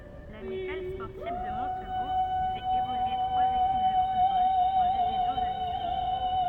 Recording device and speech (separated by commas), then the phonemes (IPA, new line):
rigid in-ear microphone, read sentence
lamikal spɔʁtiv də mɔ̃tbuʁ fɛt evolye tʁwaz ekip də futbol ɑ̃ divizjɔ̃ də distʁikt